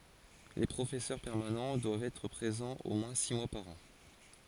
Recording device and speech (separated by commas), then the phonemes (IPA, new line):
forehead accelerometer, read sentence
le pʁofɛsœʁ pɛʁmanɑ̃ dwavt ɛtʁ pʁezɑ̃z o mwɛ̃ si mwa paʁ ɑ̃